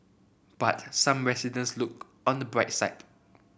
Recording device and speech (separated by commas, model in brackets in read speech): boundary microphone (BM630), read sentence